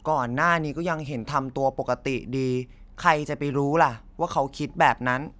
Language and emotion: Thai, frustrated